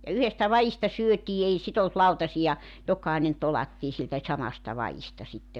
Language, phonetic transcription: Finnish, ja "yhestä "va₍ista 'syötii 'ei sit ‿olt "lautasija , 'jok̀ainen 'tolattii siltä 'samasta 'va₍ista sitte .
- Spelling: ja yhdestä vadista syötiin ei sitä ollut lautasia jokainen tolattiin siltä samasta vadista sitten

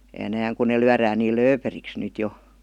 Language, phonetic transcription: Finnish, (enääŋ) kun ne 'lyarään niil "lööperiks 'nyt 'jo .
- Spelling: enää kun ne lyödään niin lööperiksi nyt jo

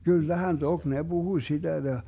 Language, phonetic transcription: Finnish, 'kyllähän "tok 'ne "Buhuⁱ 'siDä ja ,.
- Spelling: kyllähän toki ne puhui sitä ja

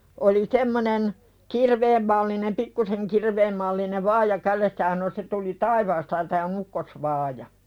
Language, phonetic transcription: Finnish, oli 'semmonen , "kirveem mallinem "pikkuseŋ 'kirveem mallinev "vaaja 'kälessä ja sano » se tuli "taivaasta ja tää o'n ‿ukkosvaaja « .
- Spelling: oli semmoinen kirveen mallinen pikkuisen kirveen mallinen vaaja kädessä ja sanoi se tuli taivaasta ja tämä on ukkosvaaja

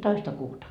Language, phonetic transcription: Finnish, 'toista 'kuuta .
- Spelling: toista kuuta

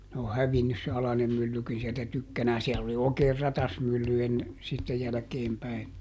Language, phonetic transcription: Finnish, ne o "hävinnys se ˈalanem myllykin sieltä ˈtykkänään - ˈsiɛll ‿oli ˈookeer "ratasmylly ˈenne , sitte ˈjälᵃ̈keem päi .
- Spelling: ne on hävinnyt se alainen myllykin sieltä tykkänään siellä oli oikein ratasmylly ennen sitten jälkeen päin

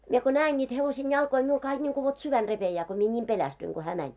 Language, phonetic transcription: Finnish, mie ko 'nää₍en ńiit hevosen 'jalkoi miul kaik ńiŋku vot 'syvän 'repejää ko mie ńiim "pelästyiŋ ɢo hää 'mäń .
- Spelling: minä kun näen niitä hevosen jalkoja minulla kaikki niin kuin vot sydän repeää kun minä niin pelästyin kun hän meni

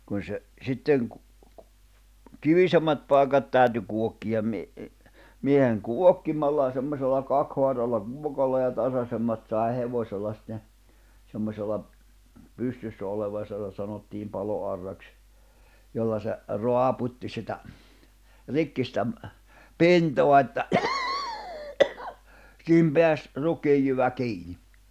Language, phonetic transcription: Finnish, kun̬ se , 'sitteŋ kᴜ- , "kivisemmät pài̬kat 'tä̀y̬̬ty kuokkijam mi- , 'mieheŋ "kuokkimalla (ja) semmośella 'kak(s)hoaralla 'kuokalla ja 'tasasemmat sài̬ 'hevośella sitten̬ , 'semmosella , 'pystyssä oleva (ja sitä) sanottiim 'palo₍arraks , 'jolla se , 'roaput́ti sitä , 'rikki sitä ‿m- , "pintoa että , 'siihim 'peäs , 'ruk̆kijjyvä 'kiini .
- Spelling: kun se sitten - kivisemmät paikat täytyi kuokkia - miehen kuokkimalla ja semmoisella kaksihaaralla kuokalla ja tasaisemmat sai hevosella sitten semmoisella pystyssä oleva ja sitä sanottiin paloauraksi jolla se raaputti sitä rikki sitä - pintaa että siihen pääsi rukiinjyvä kiinni

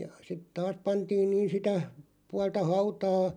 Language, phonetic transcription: Finnish, jᵃ , sit taas 'pantiin niin "sitä , 'pualta "hautaa ,.
- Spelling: ja sitten taas pantiin niin sitä puolta hautaan

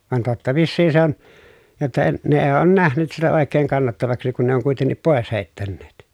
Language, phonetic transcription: Finnish, van totta viissiin se ‿on , jotta e- , ne ee oon nähnyt sitä òek̀eeŋ kannattavaksi kun ne oŋ kuitennip pòes hèi̮ttänneet .
- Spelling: vaan totta vissiin se on jotta - ne ei ole nähnyt sitä oikein kannattavaksi kun ne on kuitenkin pois heittäneet

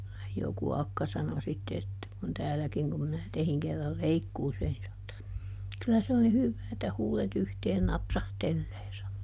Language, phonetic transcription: Finnish, joku ˈakka sano ˈsitte että - kun "tääläkiŋ kum minä ˈtehiŋ kerral "leikkuuseen - (ni sano että) , » ˈkylä se on ni "hyvvää että ˈhuuleˈt ‿yhteen ˈnapsahtellee » sano .
- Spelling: joku akka sanoi sitten että kun täälläkin kun minä tein kerran leikkuuseen niin sanoi että kyllä se on niin hyvää että huulet yhteen napsahtelee sanoi

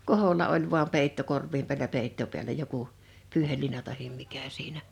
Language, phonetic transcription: Finnish, koholla oĺ vuam 'pèitto 'korvvim pi̬älä 'peitto piälä 'joku , 'pyyhelliina tahim 'mikä siinä ,.
- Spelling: koholla oli vain peitto korvon päällä peitto päällä joku pyyheliina tai mikä siinä

